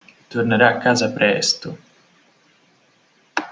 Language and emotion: Italian, neutral